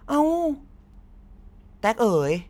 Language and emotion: Thai, happy